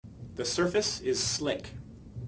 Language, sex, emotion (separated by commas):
English, male, neutral